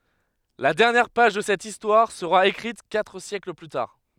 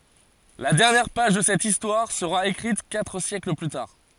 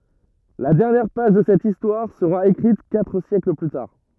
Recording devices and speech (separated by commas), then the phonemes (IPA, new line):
headset microphone, forehead accelerometer, rigid in-ear microphone, read sentence
la dɛʁnjɛʁ paʒ də sɛt istwaʁ səʁa ekʁit katʁ sjɛkl ply taʁ